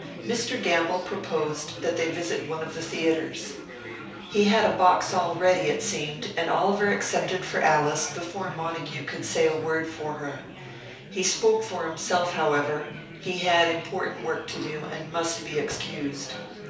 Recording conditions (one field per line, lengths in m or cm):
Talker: one person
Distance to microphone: 3.0 m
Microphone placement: far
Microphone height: 1.8 m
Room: small (3.7 m by 2.7 m)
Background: babble